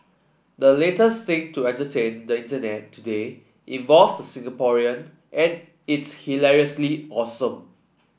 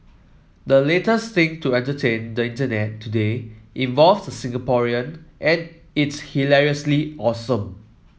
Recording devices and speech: boundary microphone (BM630), mobile phone (iPhone 7), read sentence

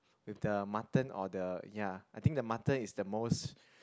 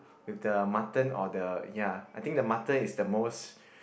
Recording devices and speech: close-talking microphone, boundary microphone, conversation in the same room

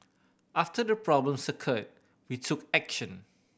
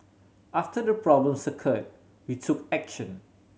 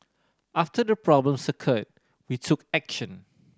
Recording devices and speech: boundary microphone (BM630), mobile phone (Samsung C7100), standing microphone (AKG C214), read sentence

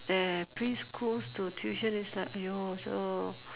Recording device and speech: telephone, conversation in separate rooms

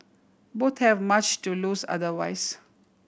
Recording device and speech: boundary microphone (BM630), read sentence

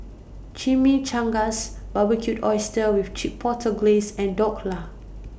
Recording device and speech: boundary microphone (BM630), read sentence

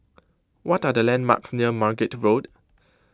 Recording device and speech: close-talking microphone (WH20), read sentence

